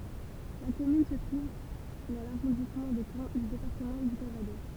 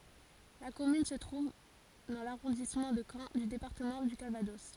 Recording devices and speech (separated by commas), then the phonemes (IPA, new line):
temple vibration pickup, forehead accelerometer, read sentence
la kɔmyn sə tʁuv dɑ̃ laʁɔ̃dismɑ̃ də kɑ̃ dy depaʁtəmɑ̃ dy kalvadɔs